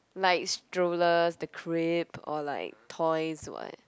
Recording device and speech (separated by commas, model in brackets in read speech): close-talking microphone, conversation in the same room